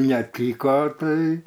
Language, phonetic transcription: Lithuanian, neˈtyko ˈtai

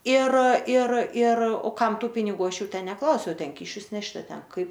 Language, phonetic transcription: Lithuanian, ir ir ir o ˈkam ˈtų piniˈgų ˈaš ˈjų ˈten neˈklausiau ˈten ˈkyšius ˈnešti a ˈten ˈkaip

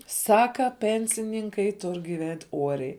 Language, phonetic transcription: Lithuanian, ˈsaka ˈpensininkai ˈtur' giˈvent' ˈuoriai

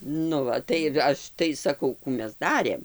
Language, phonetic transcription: Lithuanian, nu ˈva tai ˈaš tai saˈkau ˈkų ˈmes ˈdarėm

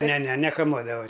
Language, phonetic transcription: Lithuanian, ˈne ˈne nekaˈmuodava

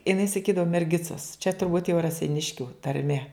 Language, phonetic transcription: Lithuanian, iˈnai saˈkydavu merˈgicas čia turˈbūt jau raseiˈniškiu tarˈme

